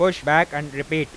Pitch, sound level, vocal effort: 150 Hz, 97 dB SPL, very loud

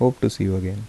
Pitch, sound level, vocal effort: 100 Hz, 74 dB SPL, soft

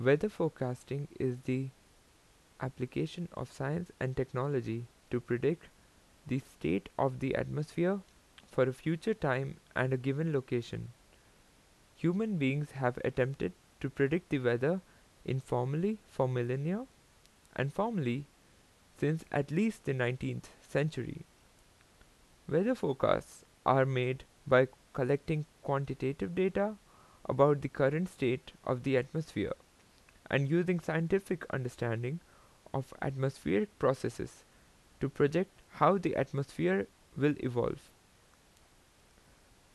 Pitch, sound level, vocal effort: 135 Hz, 82 dB SPL, normal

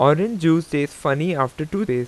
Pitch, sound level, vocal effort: 155 Hz, 88 dB SPL, loud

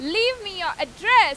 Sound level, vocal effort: 103 dB SPL, very loud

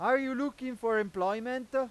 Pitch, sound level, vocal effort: 255 Hz, 102 dB SPL, very loud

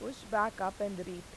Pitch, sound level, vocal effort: 205 Hz, 87 dB SPL, normal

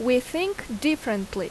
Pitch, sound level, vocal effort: 250 Hz, 85 dB SPL, very loud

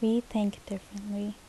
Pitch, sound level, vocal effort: 205 Hz, 73 dB SPL, soft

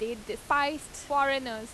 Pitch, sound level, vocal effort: 275 Hz, 91 dB SPL, loud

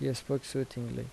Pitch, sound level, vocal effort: 135 Hz, 75 dB SPL, soft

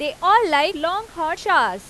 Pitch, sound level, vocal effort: 335 Hz, 97 dB SPL, very loud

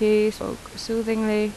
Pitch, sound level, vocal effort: 215 Hz, 83 dB SPL, normal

